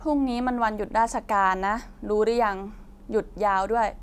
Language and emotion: Thai, frustrated